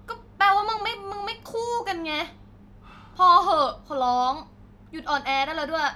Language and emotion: Thai, angry